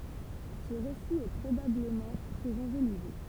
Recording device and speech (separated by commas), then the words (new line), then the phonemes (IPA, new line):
temple vibration pickup, read sentence
Ce récit est probablement très enjolivé.
sə ʁesi ɛ pʁobabləmɑ̃ tʁɛz ɑ̃ʒolive